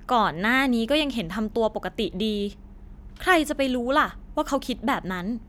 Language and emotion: Thai, frustrated